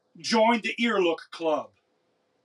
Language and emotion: English, angry